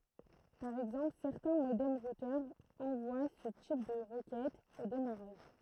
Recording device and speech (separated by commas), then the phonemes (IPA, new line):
throat microphone, read sentence
paʁ ɛɡzɑ̃pl sɛʁtɛ̃ modɛm ʁutœʁz ɑ̃vwa sə tip də ʁəkɛtz o demaʁaʒ